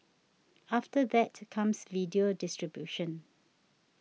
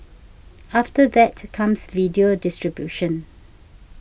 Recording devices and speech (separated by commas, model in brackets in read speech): mobile phone (iPhone 6), boundary microphone (BM630), read sentence